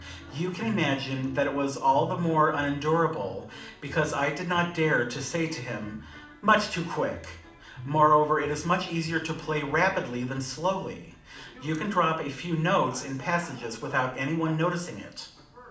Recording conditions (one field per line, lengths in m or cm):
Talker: one person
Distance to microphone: 2.0 m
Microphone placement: close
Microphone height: 99 cm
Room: medium-sized (5.7 m by 4.0 m)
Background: television